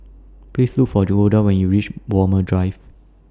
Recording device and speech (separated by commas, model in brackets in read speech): standing microphone (AKG C214), read sentence